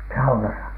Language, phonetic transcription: Finnish, saunasa ?
- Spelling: saunassa

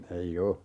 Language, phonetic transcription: Finnish, 'ei "o .
- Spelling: ei ole

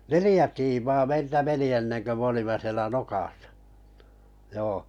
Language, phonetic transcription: Finnish, neliʲ ä tiimaa 'meiltä 'meni enneŋkö 'm ‿olimm(e) sielä "nokàsᴀ , 'joo .
- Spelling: neljä tiimaa meiltä meni ennen kuin me olimme siellä nokassa joo

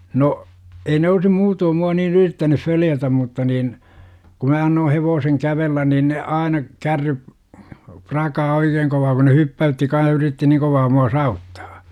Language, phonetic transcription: Finnish, no , 'ei ne olsi "muutoom mua niin 'yrittänuf 'följätäm mutta niin , ku mä annoo 'hevooseŋ 'kävellän niin ne "aina , 'kärryp , 'prakaa "oikeeŋ kovaa ku ne "hyppä₍ytti kan̬h yritti 'niiŋ kovaa mua 'saa₍uttAA .
- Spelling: no ei ne olisi muuten minua niin yrittäneet följätä mutta niin kun minä annoin hevosen kävellä niin ne aina kärryt prakaa oikein kovaa kun ne hyppäytti kanssa yritti niin kovaa minua saavuttaa

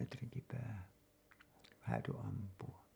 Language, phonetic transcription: Finnish, metriŋki päähän̬ 'hääty ampu₍a .
- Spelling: metrinkin päähän häätyi ampua

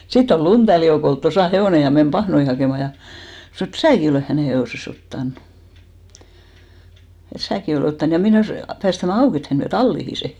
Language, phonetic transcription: Finnish, 'sitt ‿ol "Luntälli Joukol 'tosà 'hevòne ja men 'pahnoi hakèma ja , 'snᵒ et "sääki olèh 'hänè 'he₍òse's ‿ottanᴜ , et 'sääki olè 'ottan ja 'menès , 'päästämä 'auk ‿et 'hän viä "tallihi 'se .
- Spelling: sitten oli Lundellin Joukolla tuossa hevonen ja meni pahnoja hakemaan ja sanoi että sinäkin olet hänen hevosensa ottanut että sinäkin olet ottanut ja menes päästämään auki että hän vie talliin sen

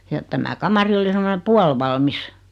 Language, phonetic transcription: Finnish, ja , 'tämä "kamari oli semone 'pualvalmis .
- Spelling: ja tämä kamari oli semmoinen puolivalmis

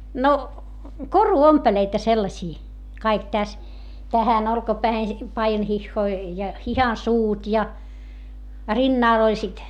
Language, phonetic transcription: Finnish, no , koru₍ompeleita sellasii , kaik täs , tähän ‿olkapäähen , paijanhihhoi , ja hihansuut ja , rinnàl ‿oĺ sit .
- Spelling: no koruompeleita sellaisia kaikki tässä tähän olkapäähän paidanhihoihin ja hihansuut ja rinnalla oli sitten

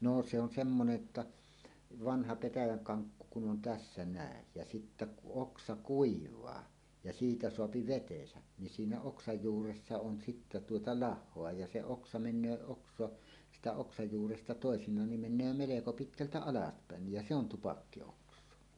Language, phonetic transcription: Finnish, no , se ‿on 'semmonej jotta , "vanha 'petäjäŋ "kaŋkku kun 'on "tässä "nä̀ej jä sittä kuˀ "ˀoksa "kuiv̀aa , ja "siitä 'soapi "vetesä , ni siinä 'oksaj 'juuressa on sittä tuota "lah̆hoa ja 'se 'oksa 'men̆nöö oks̀oa , sitä 'oksaj 'juuresta "tòesiǹaan nim men̆nöö 'meleko "pitkältä "alaspä̀ennij jä "se ‿on 'tupakki₍oks̀oa .
- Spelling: no se on semmoinen jotta vanha petäjän kankku kun on tässä näet ja sitten kun oksa kuivaa ja siitä saa vetensä niin siinä oksan juuressa on sitten tuota lahoa ja se oksa menee oksa sitä oksan juuresta toisinaan niin menee melko pitkältä alaspäin ja se on tupakkioksaa

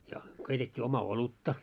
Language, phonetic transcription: Finnish, ja , keitet́t́ii oma 'olutta .
- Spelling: ja keitettiin oma olutta

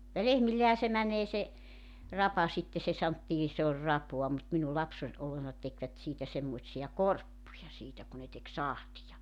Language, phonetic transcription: Finnish, ja 'lehmillehä se 'mäǹee se , 'rapa sitte se 'santtii , 'se oĺ "rapoa mut minul 'lapse(n ollessa) 'tekvät siitä semmoⁱtsija "korppuja 'siitä ku ne tek "sahtija .
- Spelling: ja lehmillehän se menee se rapa sitten se sanottiin se oli rapaa mutta minun lapsena ollessa tekivät siitä semmoisia korppuja siitä kun ne teki sahtia

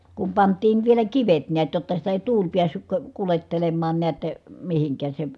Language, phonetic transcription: Finnish, kum pant̆tiin vielä kivet niät jotta sitä èi̮ tuul piässyk ko- , kulettelemmaan neät , mihiŋk̀ääs se ,.
- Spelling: kun pantiin vielä kivet näet jotta sitä ei tuuli päässyt - kuljettelemaan näet mihinkään se

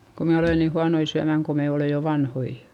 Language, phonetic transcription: Finnish, ko me olèn ni huanoi syämäŋ ko me olè jo vanhoi .
- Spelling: kun me olemme niin huonoja syömään kun me olemme jo vanhoja

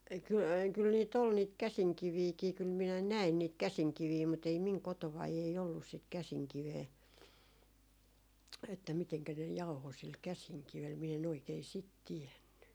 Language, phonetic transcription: Finnish, 'kyl , 'kyl nii't ‿ol niit "käsiŋkiviikii kyl minä "näin niit "käsiŋkivii mut ‿ei 'miŋ 'kotovai ei ollus sit "käsiŋkivee , että miteŋkä ne 'jauho sil "käsiŋkivel miɛ en ‿oikei "sit 'tiɛnny .
- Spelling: kyllä kyllä niitä oli niitä käsinkiviäkin kyllä minä näin niitä käsinkiviä mutta ei minun kotonani ei ollut sitä käsinkiveä että miten ne jauhoi sillä käsinkivellä minä en oikein sitä tiennyt

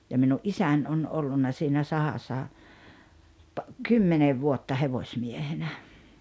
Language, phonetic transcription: Finnish, ja minu’ "’isän on 'ollunna siinä 'sahassa pa- , "kymmenev 'vuotta 'hevośmiehenä .
- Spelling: ja minun isäni on ollut siinä sahassa - kymmenen vuotta hevosmiehenä

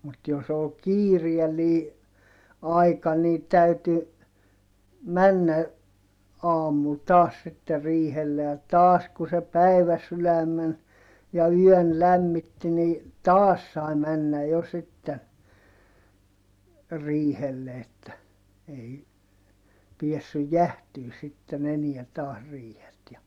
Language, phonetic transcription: Finnish, mut jos ‿ol kiiriɛllii , aika nii täyty , männä , aamul taas sitte riihelle ja , taas ku se päiväsyläm̆men , ja yɔ̈̀n lämmitti ni , taas sai männä jo sitten , riihelle että , ei , piessyj jähtyy sitten ‿eniä taas riihet ja ,.
- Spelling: mutta jos oli kiireellinen aika niin täytyi mennä aamulla taas sitten riihelle ja taas kun se päiväsydämen ja yön lämmitti niin taas sai mennä jo sitten riihelle että ei päässyt jäähtymään sitten enää taas riihet ja

